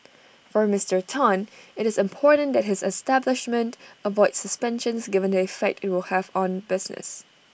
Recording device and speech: boundary microphone (BM630), read sentence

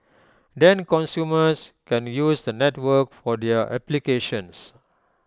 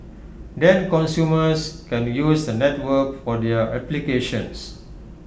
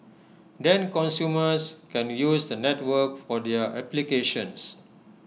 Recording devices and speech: close-talking microphone (WH20), boundary microphone (BM630), mobile phone (iPhone 6), read sentence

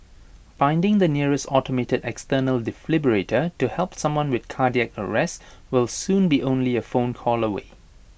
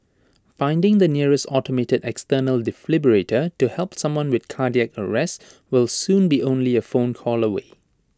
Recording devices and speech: boundary microphone (BM630), standing microphone (AKG C214), read sentence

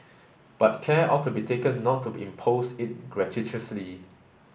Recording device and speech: boundary microphone (BM630), read sentence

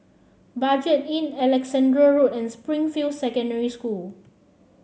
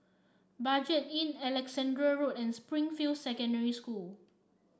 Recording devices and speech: mobile phone (Samsung C7), standing microphone (AKG C214), read sentence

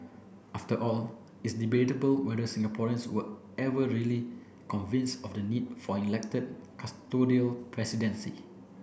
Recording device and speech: boundary microphone (BM630), read sentence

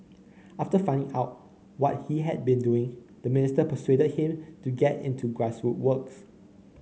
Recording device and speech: mobile phone (Samsung C9), read sentence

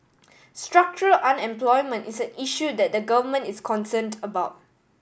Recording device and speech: boundary microphone (BM630), read sentence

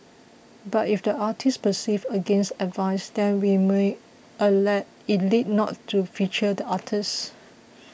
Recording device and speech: boundary microphone (BM630), read sentence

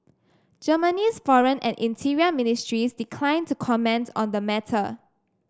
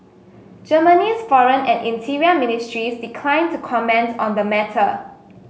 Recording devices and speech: standing microphone (AKG C214), mobile phone (Samsung S8), read sentence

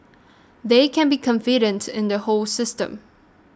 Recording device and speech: standing microphone (AKG C214), read sentence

